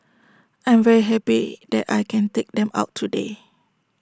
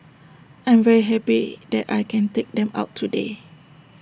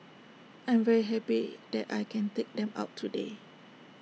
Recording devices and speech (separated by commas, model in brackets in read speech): standing microphone (AKG C214), boundary microphone (BM630), mobile phone (iPhone 6), read sentence